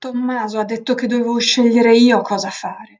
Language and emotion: Italian, fearful